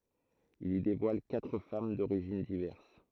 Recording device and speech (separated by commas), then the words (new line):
throat microphone, read sentence
Il y dévoile quatre femmes d'origines diverses.